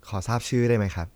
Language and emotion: Thai, neutral